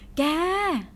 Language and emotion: Thai, happy